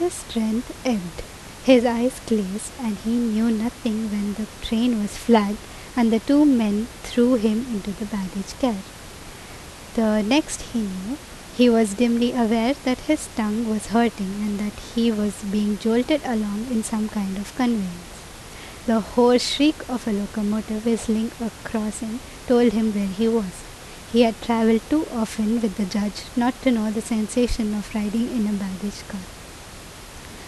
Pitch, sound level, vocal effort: 225 Hz, 80 dB SPL, normal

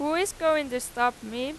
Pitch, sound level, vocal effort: 275 Hz, 93 dB SPL, very loud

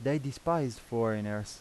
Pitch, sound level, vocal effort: 125 Hz, 86 dB SPL, normal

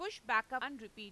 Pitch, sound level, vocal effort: 240 Hz, 98 dB SPL, loud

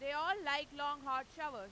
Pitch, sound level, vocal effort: 290 Hz, 105 dB SPL, very loud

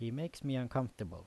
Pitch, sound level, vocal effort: 125 Hz, 82 dB SPL, normal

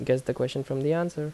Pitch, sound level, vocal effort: 140 Hz, 79 dB SPL, normal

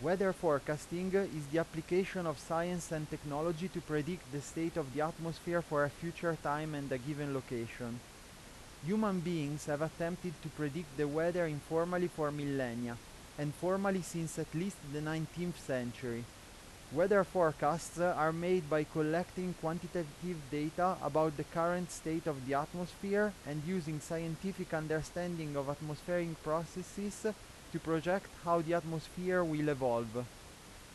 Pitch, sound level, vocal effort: 160 Hz, 90 dB SPL, loud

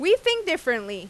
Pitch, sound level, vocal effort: 325 Hz, 96 dB SPL, very loud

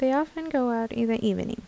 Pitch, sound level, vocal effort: 235 Hz, 78 dB SPL, soft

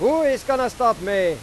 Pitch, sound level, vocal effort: 245 Hz, 104 dB SPL, very loud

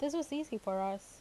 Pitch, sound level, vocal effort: 225 Hz, 83 dB SPL, normal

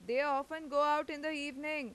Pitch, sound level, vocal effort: 295 Hz, 96 dB SPL, very loud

